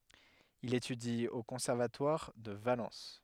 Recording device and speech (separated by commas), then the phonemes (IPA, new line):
headset microphone, read sentence
il etydi o kɔ̃sɛʁvatwaʁ də valɑ̃s